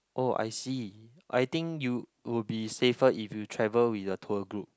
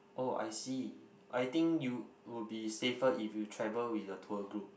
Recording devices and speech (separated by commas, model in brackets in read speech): close-talking microphone, boundary microphone, conversation in the same room